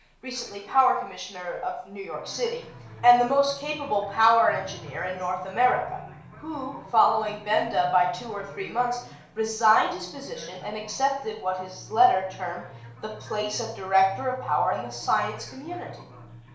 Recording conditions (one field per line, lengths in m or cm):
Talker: one person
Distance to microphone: 1.0 m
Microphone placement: close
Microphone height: 1.1 m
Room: small (3.7 m by 2.7 m)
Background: television